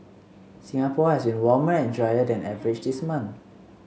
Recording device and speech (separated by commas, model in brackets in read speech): mobile phone (Samsung C7), read sentence